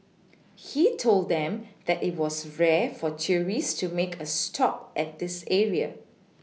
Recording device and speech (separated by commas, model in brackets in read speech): mobile phone (iPhone 6), read sentence